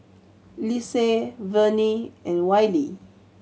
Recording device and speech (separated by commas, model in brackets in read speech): mobile phone (Samsung C7100), read sentence